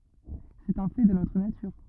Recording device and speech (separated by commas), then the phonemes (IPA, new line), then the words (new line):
rigid in-ear microphone, read sentence
sɛt œ̃ fɛ də notʁ natyʁ
C'est un fait de notre nature.